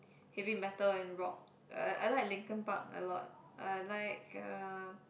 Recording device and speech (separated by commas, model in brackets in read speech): boundary microphone, conversation in the same room